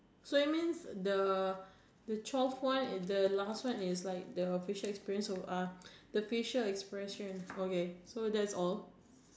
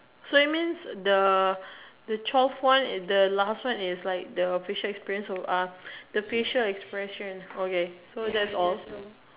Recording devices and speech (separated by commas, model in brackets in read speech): standing microphone, telephone, conversation in separate rooms